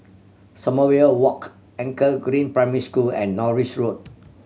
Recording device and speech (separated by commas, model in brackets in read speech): mobile phone (Samsung C7100), read sentence